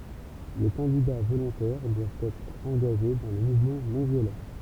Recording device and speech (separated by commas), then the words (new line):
temple vibration pickup, read sentence
Les candidats volontaires doivent être engagés dans le mouvement non-violent.